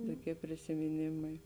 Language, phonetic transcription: Lithuanian, toˈkie prisimiˈnėmai

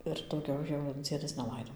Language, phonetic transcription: Lithuanian, ir dauˈgiau jau ˈdziedas neˈlaido

